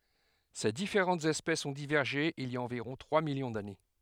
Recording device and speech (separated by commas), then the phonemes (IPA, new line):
headset microphone, read sentence
se difeʁɑ̃tz ɛspɛsz ɔ̃ divɛʁʒe il i a ɑ̃viʁɔ̃ tʁwa miljɔ̃ dane